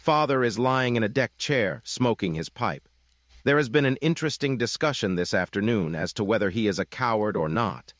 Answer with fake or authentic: fake